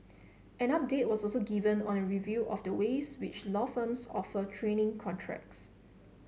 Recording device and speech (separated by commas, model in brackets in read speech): mobile phone (Samsung C7), read sentence